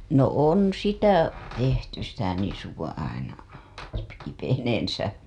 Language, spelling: Finnish, no on sitä tehty sitä nisua aina kipeneensä
- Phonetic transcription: no 'on 'sitä , tehty sitä nisuwa aina , kipeneensä .

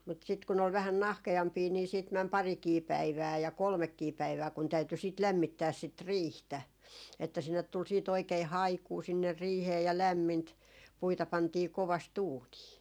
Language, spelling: Finnish, mutta sitten kun oli vähän nahkeampia niin sitten meni parikin päivää ja kolmekin päivää kun täytyi sitä lämmittää sitä riihtä että sinne tuli sitten oikein haikua sinne riiheen ja lämmintä puita pantiin kovasti uuniin
- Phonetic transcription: mut sit kun ‿ol vähän 'nahke₍ampii nii siit 'män "parikii 'päivää ja "kolmekkii 'päivää kun 'täyty sit "lämmittääs sit "riihtä , että 'sinnet tul siit 'oikei "haikuu sinner 'riihee ja 'lämmint , 'puita 'pantii 'kovas"t ‿uunii .

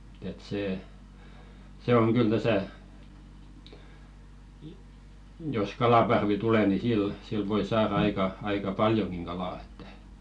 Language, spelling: Finnish, että se se on kyllä tässä jos kalaparvi tulee niin sillä sillä voi saada aika aika paljonkin kalaa että
- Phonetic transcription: et see , 'se 'oŋ "kyl 'täsä , jos "kalaparvi 'tule ni 'sil , sil voi 'saara aika , aika "paljoŋɢiŋ 'ɢalà ᴇttᴀ̈ .

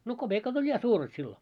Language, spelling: Finnish, no kopeekat oli ja suuret silloin
- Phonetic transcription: no "koʙèkat oĺ 'ja 'suuret sillo .

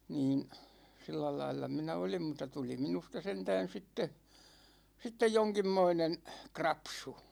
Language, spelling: Finnish, niin sillä lailla minä olin mutta tuli minusta sentään sitten sitten jonkinmoinen krapsu
- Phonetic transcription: 'niin , 'sillälailla minä 'olim mutta 'tuli minusta 'sentään̬ 'sitte , sittej 'joŋkimmoinen , "krapsu .

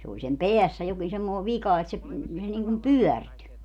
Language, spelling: Finnish, se oli sen päässä jokin semmoinen vika että se se niin kuin pyörtyi
- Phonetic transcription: se oĺ sem "peässä jokin semmoo "vika et se , se niŋkum "pyɔ̈̀rty .

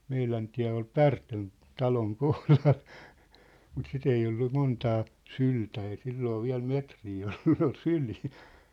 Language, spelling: Finnish, meidän tie oli Pärtön talon kohdalla mutta sitä ei ollut montaa syltä ei silloin vielä metriä ollut ne oli syliä
- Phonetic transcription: 'meilän tiä̭ ol "Pärtön , "taloŋ "kohlal , mut 'sit ‿ei ollu 'montaa , "syltä ei 'silloo 'viä̭l "metrii ollu nĕ ‿ol "sylii .

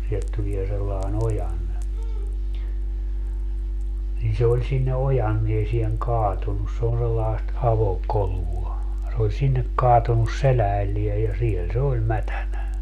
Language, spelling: Finnish, sieltä tulee sellainen ojanne niin se oli sinne ojanteeseen kaatunut se on sellaista avokolua se oli sinne kaatunut selälleen ja siellä se oli mätänä
- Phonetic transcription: sielt 'tulie sellae'n ‿ojanne , nin 'se oĺ sinne 'ojanniesieŋ "kaatunnus se on sellaest 'avo'kolua , se oĺ 'sinnek 'kaatun̆nus "seläällie ja 'siel 'se oĺ 'mätänä .

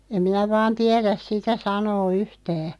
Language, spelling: Finnish, en minä vain tiedä sitä sanoa yhtään
- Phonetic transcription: 'em minä 'vaan "tiɛräs 'sitä 'sanoo "yhtää .

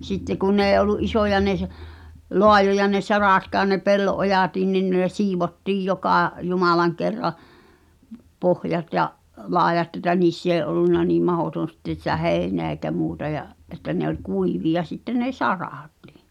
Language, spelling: Finnish, sitten kun ne ei ollut isoja ne - laajoja ne saratkaan ja ne pellon ojatkin niin ne siivottiin joka jumalan kerran pohjat ja laidat että niissä ei ollut niin mahdoton sitten sitä heinää eikä muuta ja että ne oli kuivia sitten ne saratkin
- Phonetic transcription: sitte kun n ‿ee ol̆lu’ "isòja ne s- , 'loajoja ne "saràtkaan ʿʲᵃʾ ne 'pello’ "’ojàtiin nin nè 'siivottiij 'jokà , "jumalaŋ 'kerra , 'pohjat ja’ , 'laejatᵗ ‿etä 'niiss ‿ee ’ollunna niim "mahòton̬ sitten̬ sⁱtä 'hèi̬neä eikä 'muuta ja’ , ’että ne ‿oĺ 'kuivi₍a sitten 'ne "saràtɪ̀ .

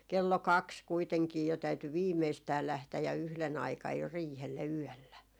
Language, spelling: Finnish, kello kaksi kuitenkin jo täytyi viimeistään lähteä ja yhden aikaan jo riihelle yöllä
- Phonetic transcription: 'kello "kaks 'kuiteŋkii jo täyty "viimeistää 'lähtäj ja 'yhlen aikaj jo 'riihelle "yɔ̈̀llä .

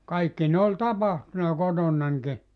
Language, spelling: Finnish, kaikki ne oli tapahtunut kotonanikin
- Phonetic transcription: 'kaikki ne oĺ "tapahtuna 'kotonnanki .

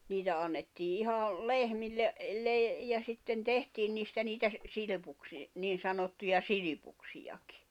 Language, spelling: Finnish, niitä annettiin ihan lehmille - ja sitten tehtiin niistä niitä - - niin sanottuja silpuksiakin
- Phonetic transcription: 'niitä annettii 'iha , "lehmille , le- , ja sitten 'tehtiin niistä niitä sⁱ- , 'silⁱpuksi- , 'niin sanottuja "silipuksijakɪ .

